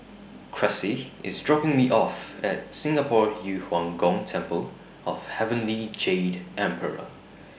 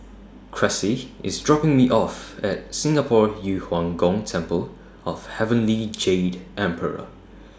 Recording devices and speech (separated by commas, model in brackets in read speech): boundary microphone (BM630), standing microphone (AKG C214), read sentence